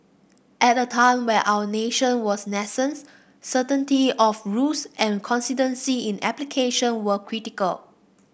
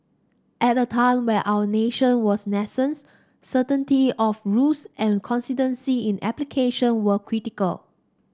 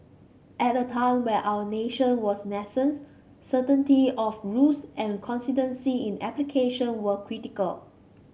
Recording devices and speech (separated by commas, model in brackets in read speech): boundary microphone (BM630), standing microphone (AKG C214), mobile phone (Samsung C5), read sentence